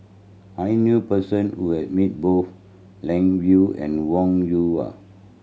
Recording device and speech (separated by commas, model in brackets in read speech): mobile phone (Samsung C7100), read sentence